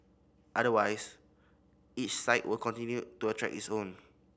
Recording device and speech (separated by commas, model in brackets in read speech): boundary microphone (BM630), read sentence